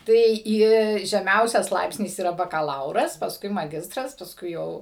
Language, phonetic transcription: Lithuanian, ˈtai ˈi žeˈmiausias ˈlaipsnis yˈra bakaˈlauras pasˈkui maˈgistras pasˈkui ˈjau

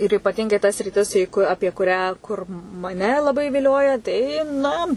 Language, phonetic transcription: Lithuanian, ir ypaˈtingai ta sriˈtis į ˈ ku ˈapie kuˈrią kur maˈne laˈbai viˈlioja ˈtai ˈna

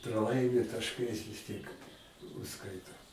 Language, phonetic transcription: Lithuanian, praˈlaimi tašˈkais vis tiek užˈskaito

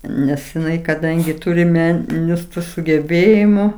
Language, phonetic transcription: Lithuanian, ˈnes jiˈnai kaˈdangi ˈtūri ˈmeninius sugeˈbėjimu

